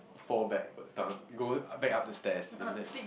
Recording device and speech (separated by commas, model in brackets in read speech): boundary microphone, conversation in the same room